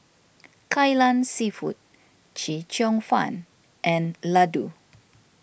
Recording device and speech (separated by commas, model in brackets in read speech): boundary microphone (BM630), read sentence